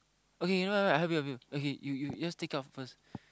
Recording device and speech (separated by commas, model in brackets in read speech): close-talking microphone, conversation in the same room